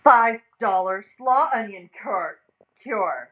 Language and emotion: English, angry